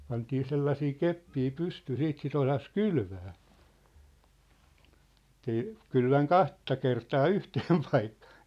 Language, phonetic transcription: Finnish, pantii 'sellasii 'keppii 'pystyy 'siit sit ‿osas "kylvää , ᵉt̆tei , 'kylväŋ "kaht̳t̳a kertaa "yhteem 'paikkᴀᴀ .
- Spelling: pantiin sellaisia keppejä pystyyn sitten sitä osasi kylvää että ei kylvänyt kahta kertaa yhteen paikkaan

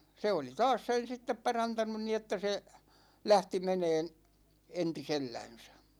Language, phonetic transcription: Finnish, 'se oli "taas 'sen̬ sittep 'parantanun ni että se , 'lähti 'meneen , 'enti"sellänsÄ .
- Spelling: se oli taas sen sitten parantanut niin että se lähti menemään entisellänsä

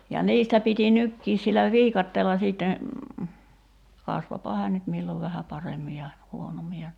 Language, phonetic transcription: Finnish, ja 'niistä piti 'nykkiis sillä "viikatteella 'sìtte , 'kasvopa 'hään nyt 'millov vähä "paremmi ja , 'huonommi ja ,.
- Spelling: ja niistä piti nytkin sillä viikatteella sitten kasvoipa hän nyt milloin vähän paremmin ja huonommin ja

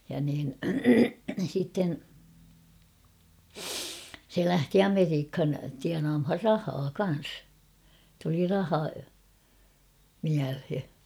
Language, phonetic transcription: Finnish, ja niin , sitten , se 'lähti "Ameriikhan tianaamhar "rahaa 'kan̬s ; tuli 'raha , 'miälhe .
- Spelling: ja niin sitten se lähti Amerikkaan tienaamaan rahaa kanssa tuli raha mieleen

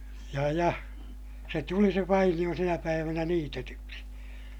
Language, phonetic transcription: Finnish, ja ja , se tuli se vainiʲo sinä päivänä niitetyksi .
- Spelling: ja ja se tuli se vainio sinä päivänä niitetyksi

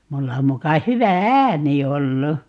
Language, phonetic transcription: Finnish, 'mulla 'muka 'hyvä "ääni 'ollu .
- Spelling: minulla muka hyvä ääni ollut

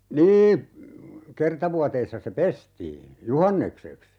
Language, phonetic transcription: Finnish, 'nii , 'kerta vuateissa se "pestii , "juhannekseks .
- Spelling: niin kerta vuoteissa se pestiin juhannukseksi

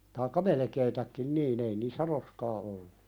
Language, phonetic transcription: Finnish, taaikka "melᵉkeetäkkin "niin ‿ei niissä "roskaa ollu .
- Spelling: tai melkein niin ei niissä roskaa ollut

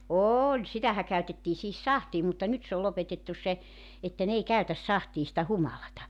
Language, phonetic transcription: Finnish, "ooĺ 'sitähä käytettii sihis "sahtii mutta 'nyt se ol 'lopetettus̆ se , että n ‿ei 'käytäs 'sahtii sⁱtä "humalata .
- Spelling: oli sitähän käytettiin siihen sahtiin mutta nyt se on lopetettu se että ne ei käytä sahtiin sitä humalaa

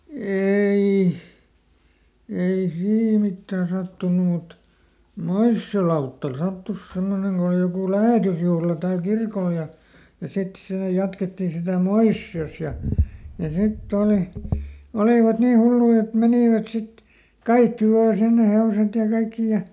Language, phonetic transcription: Finnish, ˈeei , ˈei "sii ˈmittää ˈsattunu mut , "Moissi₍o lauttal ˈsattus ˈsemmoneŋ Go oli jokù "lähètysjuhla tääl "kirkol ja , ja ˈsit ˈsè ˈjatkettì sitä̀ "Moissi₍os ja , ja ˈsitˈt ‿òli , ˈolìvat nii ˈhullui et ˈmenìvät sit , ˈkaikki ˈvaa ˈsinne ˈhe₍oset ja ˈkaikki ja ,.
- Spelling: ei ei siinä mitään sattunut mutta Moision lautalla sattui semmoinen kun oli joku lähetysjuhla täällä kirkolla ja ja sitten se jatkettiin sitä Moisiossa ja ja sitten oli olivat niin hulluja että menivät sitten kaikki vain sinne hevoset ja kaikki ja

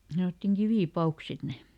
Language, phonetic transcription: Finnish, ˈsanottiŋ "kivì"pauks ˈsit ne .
- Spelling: sanottiin kivipavuiksi sitten ne

